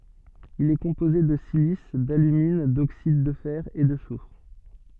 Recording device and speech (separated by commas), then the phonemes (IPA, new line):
soft in-ear microphone, read sentence
il ɛ kɔ̃poze də silis dalymin doksid də fɛʁ e də sufʁ